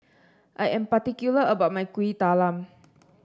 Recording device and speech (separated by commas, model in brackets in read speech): standing microphone (AKG C214), read sentence